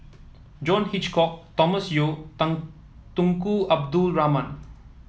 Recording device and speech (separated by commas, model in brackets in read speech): mobile phone (iPhone 7), read sentence